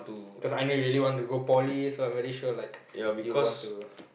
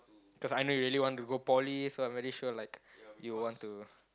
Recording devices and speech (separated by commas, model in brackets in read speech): boundary microphone, close-talking microphone, conversation in the same room